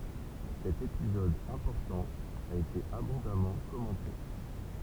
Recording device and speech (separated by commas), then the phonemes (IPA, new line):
temple vibration pickup, read sentence
sɛt epizɔd ɛ̃pɔʁtɑ̃ a ete abɔ̃damɑ̃ kɔmɑ̃te